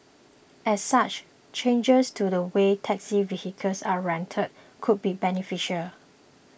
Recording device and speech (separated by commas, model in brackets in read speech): boundary microphone (BM630), read sentence